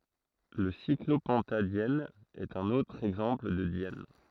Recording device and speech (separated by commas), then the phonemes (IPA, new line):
throat microphone, read sentence
lə siklopɑ̃tadjɛn ɛt œ̃n otʁ ɛɡzɑ̃pl də djɛn